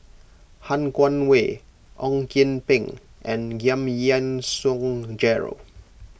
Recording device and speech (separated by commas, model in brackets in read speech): boundary microphone (BM630), read sentence